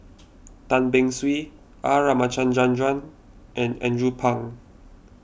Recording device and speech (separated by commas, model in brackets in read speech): boundary microphone (BM630), read sentence